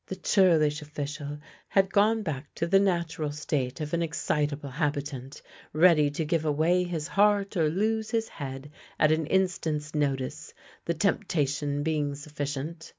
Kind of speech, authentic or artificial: authentic